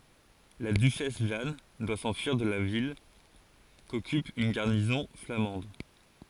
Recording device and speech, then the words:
forehead accelerometer, read sentence
La duchesse Jeanne doit s'enfuir de la ville, qu'occupe une garnison flamande.

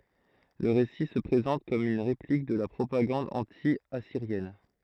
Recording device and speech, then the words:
throat microphone, read sentence
Le récit se présente comme une réplique de la propagande anti-assyrienne.

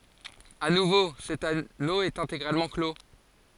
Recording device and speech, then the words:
forehead accelerometer, read sentence
À nouveau, cet anneau est intégralement clos.

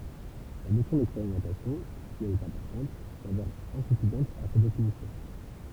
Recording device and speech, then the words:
temple vibration pickup, read sentence
La notion d'expérimentation, si elle est importante, s'avère insuffisante à sa définition.

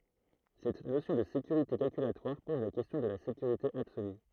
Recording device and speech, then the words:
throat microphone, read sentence
Cette notion de sécurité calculatoire pose la question de la sécurité absolue.

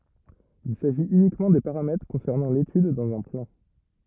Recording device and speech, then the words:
rigid in-ear microphone, read sentence
Il s'agit uniquement des paramètres concernant l'étude dans un plan.

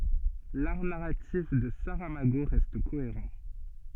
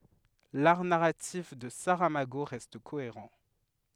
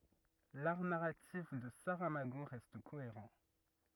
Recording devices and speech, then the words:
soft in-ear microphone, headset microphone, rigid in-ear microphone, read sentence
L'art narratif de Saramago reste cohérent.

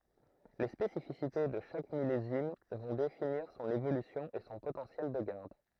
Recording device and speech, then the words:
throat microphone, read sentence
Les spécificités de chaque millésime vont définir son évolution et son potentiel de garde.

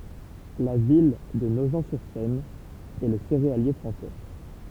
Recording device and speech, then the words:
temple vibration pickup, read sentence
La ville de Nogent-sur-Seine est le céréalier français.

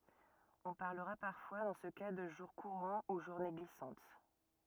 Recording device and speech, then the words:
rigid in-ear microphone, read sentence
On parlera parfois dans ce cas de jour courant ou journée glissante.

